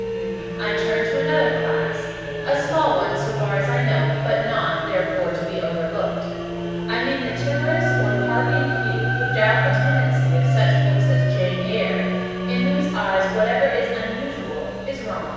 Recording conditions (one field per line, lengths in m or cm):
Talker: one person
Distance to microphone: 7.1 m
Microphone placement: far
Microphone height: 1.7 m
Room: very reverberant, large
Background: music